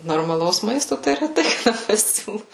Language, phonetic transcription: Lithuanian, normaˈlaus ˈmaisto tai reˈtai kaˈda paˈsiūlu

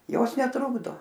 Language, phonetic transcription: Lithuanian, ˈjos neˈtrukdo

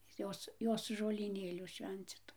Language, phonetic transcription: Lithuanian, ˈjos ˈjos žolyˈnėlių ˈšvencitu

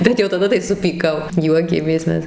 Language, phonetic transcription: Lithuanian, ˈbet jau taˈda tai supyˈkau ˈjuokėmės ˈmes

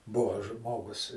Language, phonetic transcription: Lithuanian, ˈbuvo ˈžmogus

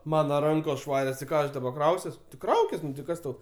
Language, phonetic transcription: Lithuanian, ˈmana ˈrankos ˈšvarios ti ˈką aš daˈba ˈkrausiuos ti ˈkraukis nu ti ˈkas tau

